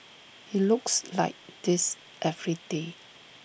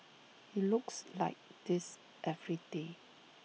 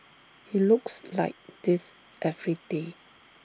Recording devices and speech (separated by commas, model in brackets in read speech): boundary microphone (BM630), mobile phone (iPhone 6), standing microphone (AKG C214), read sentence